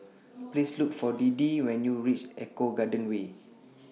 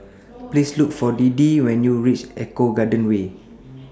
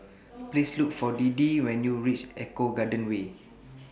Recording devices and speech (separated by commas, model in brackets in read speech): mobile phone (iPhone 6), standing microphone (AKG C214), boundary microphone (BM630), read sentence